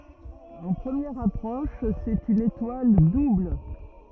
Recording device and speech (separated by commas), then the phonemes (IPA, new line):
rigid in-ear microphone, read sentence
ɑ̃ pʁəmjɛʁ apʁɔʃ sɛt yn etwal dubl